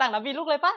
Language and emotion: Thai, happy